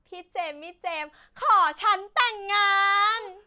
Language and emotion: Thai, happy